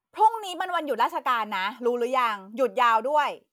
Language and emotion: Thai, angry